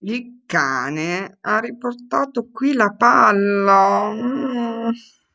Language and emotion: Italian, sad